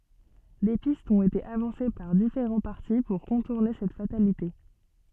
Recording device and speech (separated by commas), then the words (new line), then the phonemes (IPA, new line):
soft in-ear microphone, read sentence
Des pistes ont été avancées par différents partis pour contourner cette fatalité.
de pistz ɔ̃t ete avɑ̃se paʁ difeʁɑ̃ paʁti puʁ kɔ̃tuʁne sɛt fatalite